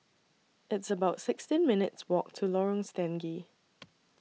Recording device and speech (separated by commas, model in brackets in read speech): mobile phone (iPhone 6), read sentence